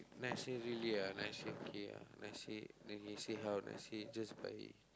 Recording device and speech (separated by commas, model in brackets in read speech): close-talking microphone, conversation in the same room